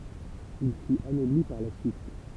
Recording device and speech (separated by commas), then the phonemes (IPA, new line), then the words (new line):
temple vibration pickup, read sentence
il fyt anɔbli paʁ la syit
Il fut anobli par la suite...